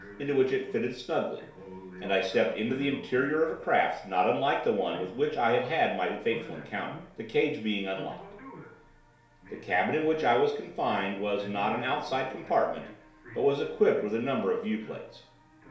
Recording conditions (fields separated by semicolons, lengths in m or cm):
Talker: one person; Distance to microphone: 1.0 m; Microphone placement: close; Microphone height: 1.1 m; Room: small (3.7 m by 2.7 m); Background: television